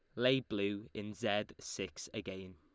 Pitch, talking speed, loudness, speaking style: 105 Hz, 155 wpm, -38 LUFS, Lombard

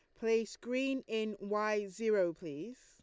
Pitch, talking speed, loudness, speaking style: 215 Hz, 135 wpm, -36 LUFS, Lombard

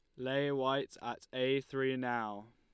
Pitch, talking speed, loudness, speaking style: 130 Hz, 155 wpm, -36 LUFS, Lombard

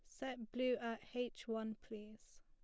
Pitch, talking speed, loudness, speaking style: 230 Hz, 165 wpm, -44 LUFS, plain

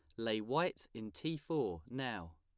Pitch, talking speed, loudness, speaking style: 110 Hz, 165 wpm, -40 LUFS, plain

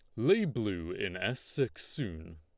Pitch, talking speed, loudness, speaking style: 105 Hz, 165 wpm, -33 LUFS, Lombard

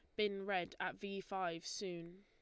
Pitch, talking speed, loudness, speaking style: 195 Hz, 180 wpm, -42 LUFS, Lombard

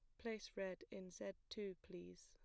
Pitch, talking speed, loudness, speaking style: 190 Hz, 175 wpm, -51 LUFS, plain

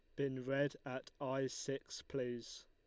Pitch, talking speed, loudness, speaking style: 135 Hz, 145 wpm, -42 LUFS, Lombard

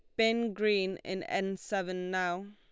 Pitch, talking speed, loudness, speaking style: 195 Hz, 155 wpm, -32 LUFS, Lombard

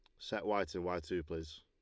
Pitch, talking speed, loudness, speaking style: 85 Hz, 255 wpm, -39 LUFS, Lombard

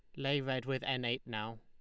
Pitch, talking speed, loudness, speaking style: 130 Hz, 255 wpm, -37 LUFS, Lombard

